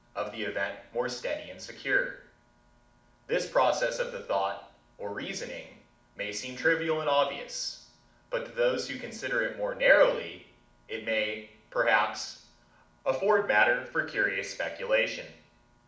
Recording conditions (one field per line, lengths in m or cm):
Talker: one person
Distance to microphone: 2.0 m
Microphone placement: close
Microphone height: 99 cm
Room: medium-sized (5.7 m by 4.0 m)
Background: none